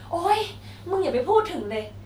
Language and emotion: Thai, frustrated